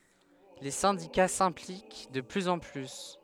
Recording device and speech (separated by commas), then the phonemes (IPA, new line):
headset microphone, read sentence
le sɛ̃dika sɛ̃plik də plyz ɑ̃ ply